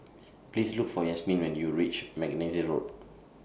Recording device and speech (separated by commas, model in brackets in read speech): boundary microphone (BM630), read sentence